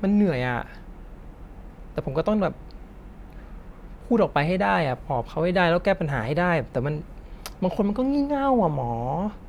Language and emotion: Thai, frustrated